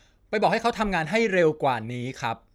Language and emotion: Thai, frustrated